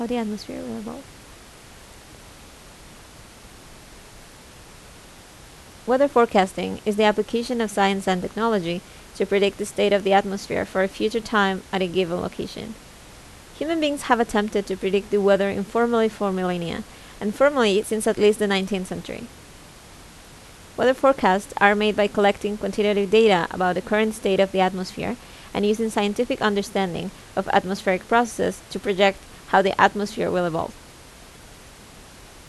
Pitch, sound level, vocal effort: 200 Hz, 80 dB SPL, normal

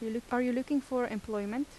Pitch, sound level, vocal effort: 245 Hz, 83 dB SPL, soft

